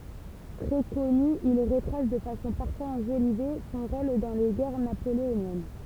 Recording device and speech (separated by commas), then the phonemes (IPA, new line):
temple vibration pickup, read sentence
tʁɛ kɔny il ʁətʁas də fasɔ̃ paʁfwaz ɑ̃ʒolive sɔ̃ ʁol dɑ̃ le ɡɛʁ napoleonjɛn